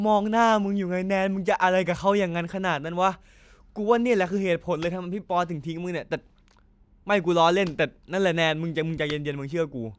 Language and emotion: Thai, frustrated